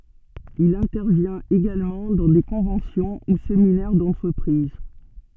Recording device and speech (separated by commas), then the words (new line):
soft in-ear microphone, read sentence
Il intervient également dans des conventions ou séminaires d'entreprises.